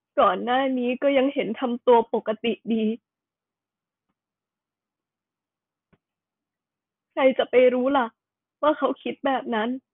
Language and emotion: Thai, sad